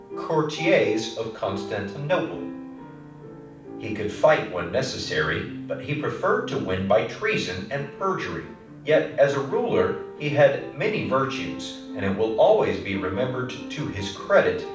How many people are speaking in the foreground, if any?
One person.